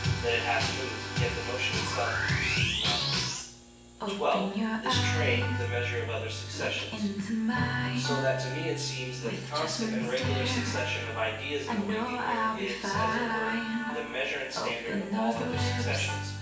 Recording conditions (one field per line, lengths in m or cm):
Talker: one person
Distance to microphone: 9.8 m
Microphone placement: far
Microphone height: 1.8 m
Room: large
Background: music